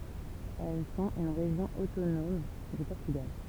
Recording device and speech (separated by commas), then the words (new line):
temple vibration pickup, read sentence
Elles sont une région autonome du Portugal.